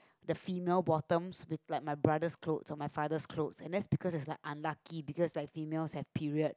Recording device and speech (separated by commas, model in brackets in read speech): close-talking microphone, conversation in the same room